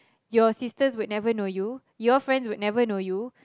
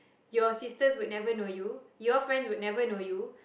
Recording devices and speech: close-talking microphone, boundary microphone, conversation in the same room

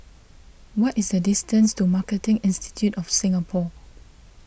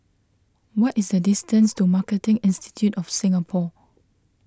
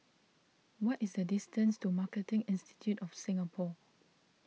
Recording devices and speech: boundary microphone (BM630), close-talking microphone (WH20), mobile phone (iPhone 6), read sentence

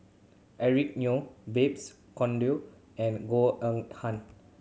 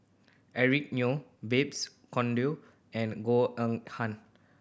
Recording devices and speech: mobile phone (Samsung C7100), boundary microphone (BM630), read sentence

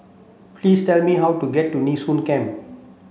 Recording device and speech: mobile phone (Samsung C7), read sentence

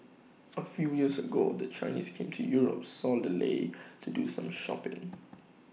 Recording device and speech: mobile phone (iPhone 6), read sentence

